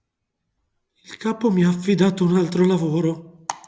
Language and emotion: Italian, fearful